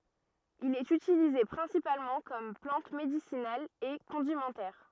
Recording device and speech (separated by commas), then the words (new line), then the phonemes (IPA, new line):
rigid in-ear microphone, read sentence
Il est utilisé principalement comme plante médicinale et condimentaire.
il ɛt ytilize pʁɛ̃sipalmɑ̃ kɔm plɑ̃t medisinal e kɔ̃dimɑ̃tɛʁ